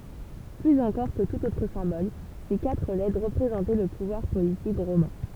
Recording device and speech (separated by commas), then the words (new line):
temple vibration pickup, read sentence
Plus encore que tout autre symbole, ces quatre lettres représentaient le pouvoir politique romain.